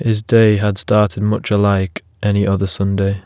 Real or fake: real